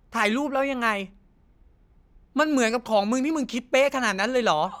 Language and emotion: Thai, frustrated